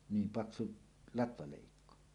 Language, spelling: Finnish, niin paksu latvaleikko
- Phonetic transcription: 'niim paksu , latvalèikko .

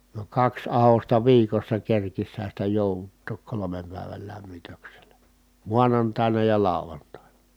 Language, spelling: Finnish, niin kaksi ahdosta viikossa kerkisihän sitä jouduttaa kolmen päivän lämmityksellä maanantaina ja lauantaina
- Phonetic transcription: ni kaks ahosta viikossa kerkishän̬ sitä jòuvuttook kolomem pä̀i̮väl lämmitökselä , muanantài̮na ja làu̬vantàina .

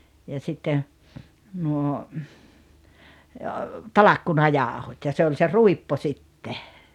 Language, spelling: Finnish, ja sitten nuo talkkunajauhot ja se oli se ruippo sitten
- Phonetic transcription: ja sitten̬ , nuo , "talakkuna'jàohot ja se oĺ se "ruippo 'sitte .

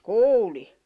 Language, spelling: Finnish, kuulin
- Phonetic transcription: kuuli .

